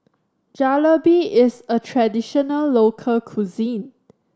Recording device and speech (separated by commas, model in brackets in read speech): standing microphone (AKG C214), read sentence